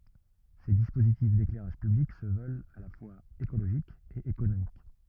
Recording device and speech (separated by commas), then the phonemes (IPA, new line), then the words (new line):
rigid in-ear microphone, read sentence
se dispozitif deklɛʁaʒ pyblik sə vœlt a la fwaz ekoloʒik e ekonomik
Ces dispositifs d'éclairage public se veulent à la fois écologique et économique.